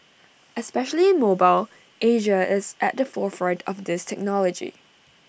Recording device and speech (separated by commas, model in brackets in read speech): boundary microphone (BM630), read sentence